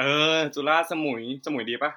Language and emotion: Thai, neutral